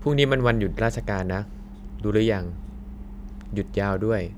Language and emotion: Thai, neutral